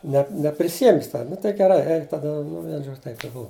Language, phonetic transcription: Lithuanian, ne nepriˈsijem' ˈjis ˈten nu tai geˈrai ˈeik taˈda nu ˈvien ˈžodž' taip i ˈbuva

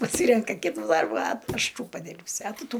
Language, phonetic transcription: Lithuanian, paˈsyrenka ˈkitu ˈdarbu a ˈaš ˈtų paˈdirbsiu a ˈtu ˈtų

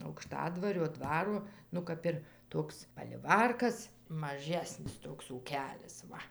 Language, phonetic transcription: Lithuanian, aukˈštadvario ˈdvaro ˈnu kap ir ˈtoks paliˈvarkas maˈžesnis ˈtoks ūˈkelis ˈva

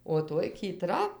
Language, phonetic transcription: Lithuanian, o ˈtoj kyˈtra

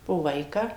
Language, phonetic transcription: Lithuanian, po ˈvaiką

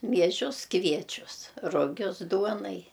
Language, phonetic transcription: Lithuanian, mieˈžius ˈkviečius ruˈgius ˈduonai

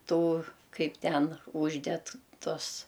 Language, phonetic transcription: Lithuanian, ˈtų ˈkaip ˈten ˈužded ˈtus

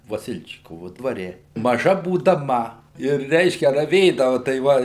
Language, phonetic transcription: Lithuanian, vaˈsilčikovu dvaˈre maˈža būdaˈma ir ˈreiškia raˈvėdavu tai ˈva

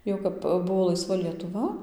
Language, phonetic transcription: Lithuanian, ˈjau kap ˈbuvo laiˈsva lietuˈva

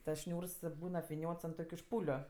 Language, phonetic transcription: Lithuanian, tas ˈšniūrs ˈbūn apviˈniots ant ˈtokiu ˈšpūliu

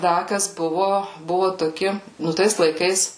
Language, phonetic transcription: Lithuanian, ˈda ˈkas ˈbuvu ˈbuvu toˈki ˈnu ˈtais laiˈkais

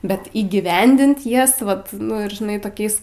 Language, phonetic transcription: Lithuanian, ˈbet įgyˈvendint ˈjas ˈvat nu ir žiˈnai toˈkiais

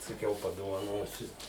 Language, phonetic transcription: Lithuanian, saˈkiau padovaˈnosiu

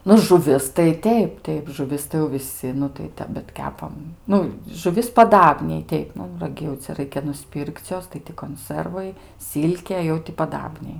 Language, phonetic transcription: Lithuanian, ˈnu žuˈvis tai ˈteip ˈteip žuˈvis tai jau viˈsi nu tai ˈtep bet ˈkepam ˈnu žuˈvis paˈdabniai ˈteip ˈnu raˈgi jau ˈcia ˈraikia nuˈspir'k'c' ˈjos tai ti konˈsərvai ˈsilkė jau ti paˈdabniai

